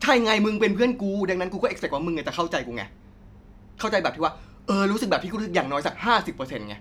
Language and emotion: Thai, frustrated